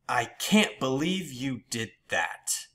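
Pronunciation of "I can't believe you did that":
The pitch goes down on 'I can't believe you did that', and the tone shows that the speaker is upset.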